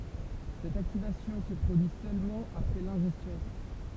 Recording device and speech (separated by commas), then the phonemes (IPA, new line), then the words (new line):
temple vibration pickup, read sentence
sɛt aktivasjɔ̃ sə pʁodyi sølmɑ̃ apʁɛ lɛ̃ʒɛstjɔ̃
Cette activation se produit seulement après l'ingestion.